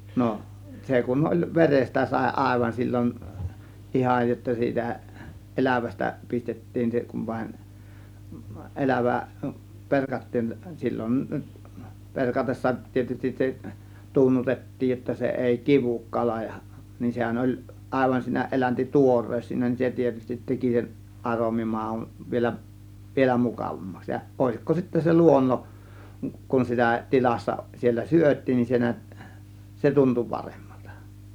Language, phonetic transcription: Finnish, 'no , 'se kun oĺ 'verestä sàė 'àėvan sil͕l͕on , "ihaj jotta siitä , "ˀelävästä 'pistettiin se ku(m) vaĭn , "ˀelävä , 'perkattiin sil͕l͕on , 'perkatessa tietystis se , "tunnutet̀tiij jotta se èi "kivuk 'kala ja , nin 'sehän oĺ , àėvan siinä 'ˀelänti "tuores siinä nin , 'se tietystit 'teki sen , 'ˀaromi 'màun vielä , vielä 'mukàvammaks ja òėsikko sittä se "luonnoˀ- , kun 'sitä , -"tilassa siellä "syöt̆tiin nin se nät , 'se "tuntu 'parEMMALtA .
- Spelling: no se kun oli verestä sai aivan silloin ihan jotta siitä elävästä pistettiin se kun vain elävä perattiin silloin peratessa tietysti se tunnutettiin jotta se ei kidu kala ja niin sehän oli aivan siinä - eläntituore siinä niin se tietysti teki sen aromi maun vielä vielä mukavammaksi ja olisiko sitä se - kun sitä tilassa siellä syötiin niin se näet se tuntui paremmalta

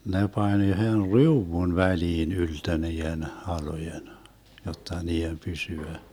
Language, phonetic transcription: Finnish, 'ne 'pań 'yhen "riuwun 'väliin 'yltö nii₍en 'halojen , 'jotta 'nii₍em 'pysyä .
- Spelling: ne pani yhden riu'un väliin yltö niiden halkojen jotta niiden pysyä

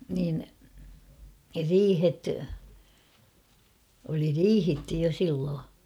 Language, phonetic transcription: Finnish, niin , "riihet , oli "riihitty jo 'silloo .
- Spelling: niin riihet oli riihitty jo silloin

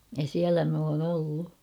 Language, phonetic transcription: Finnish, ja siälä m ‿oon ‿'ollu .
- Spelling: ja siellä minä olen ollut

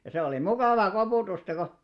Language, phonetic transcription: Finnish, ja se olì 'mukàva 'kopùtusta ko ,.
- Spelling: ja se oli mukavaa koputusta kun

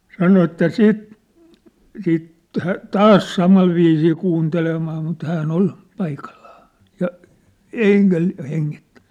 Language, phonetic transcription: Finnish, sano että "siit , siit , tᴀ- , "taas 'samal viisii 'kuuntelemaa mut 'hää’n ‿ol , 'paikallᴀᴀ , ja , "e(ḭ)kä , 'heŋŋittᴀ̈ɴ .
- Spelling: sanoi että sitten sitten - taas samalla viisiin kuuntelemaan mutta hän oli paikallaan ja eikä hengittänyt

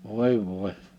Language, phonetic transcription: Finnish, 'òi vòi̬ .
- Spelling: oi voi

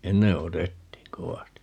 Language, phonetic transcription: Finnish, "enne 'otettiiŋ 'kowasti .
- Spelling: ennen otettiin kovasti

